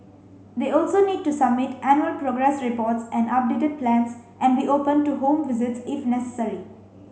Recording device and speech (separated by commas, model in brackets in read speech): mobile phone (Samsung C5), read sentence